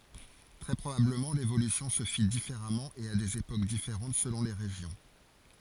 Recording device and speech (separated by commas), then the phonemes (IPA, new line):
forehead accelerometer, read sentence
tʁɛ pʁobabləmɑ̃ levolysjɔ̃ sə fi difeʁamɑ̃ e a dez epok difeʁɑ̃t səlɔ̃ le ʁeʒjɔ̃